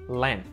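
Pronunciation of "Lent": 'Lent' is said with a muted t at the end.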